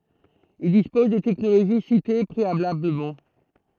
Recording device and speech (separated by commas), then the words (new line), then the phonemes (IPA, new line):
throat microphone, read sentence
Ils disposent des technologies citées préalablement.
il dispoz de tɛknoloʒi site pʁealabləmɑ̃